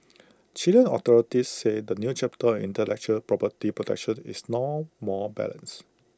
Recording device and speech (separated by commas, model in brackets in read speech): close-talking microphone (WH20), read sentence